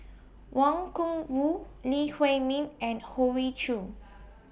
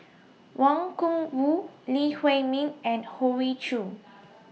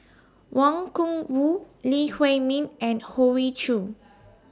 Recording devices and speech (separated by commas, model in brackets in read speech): boundary microphone (BM630), mobile phone (iPhone 6), standing microphone (AKG C214), read sentence